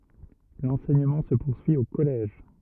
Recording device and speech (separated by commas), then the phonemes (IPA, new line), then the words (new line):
rigid in-ear microphone, read sentence
lɑ̃sɛɲəmɑ̃ sə puʁsyi o kɔlɛʒ
L'enseignement se poursuit au collège.